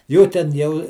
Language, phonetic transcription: Lithuanian, ˈjų ten ˈjau

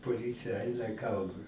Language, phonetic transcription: Lithuanian, poˈlycija ˈaina ˈgaudo

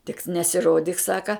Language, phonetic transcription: Lithuanian, tik nesiˈrodyk ˈsaka

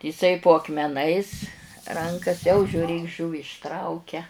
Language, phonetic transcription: Lithuanian, iˈsai po akmeˈnais ˈrankas jau žiūˈrėk ˈžūvi išˈtraukia

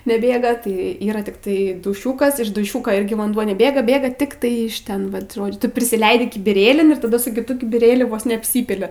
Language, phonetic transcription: Lithuanian, neˈbėga tai ˈyra tikˈtai duˈšiūkas iš duˈšiūko ˈirgi vanˈduo neˈbėga ˈbėga ˈtiktai iš ˈten ˈvat ˈžodžiu tu prisiˈleidi kibiˈrėlin ir taˈda su kiˈtu kibiˈrėliu ˈvos neapˈsypili

